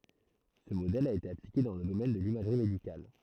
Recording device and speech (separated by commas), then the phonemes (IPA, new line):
throat microphone, read sentence
sə modɛl a ete aplike dɑ̃ lə domɛn də limaʒʁi medikal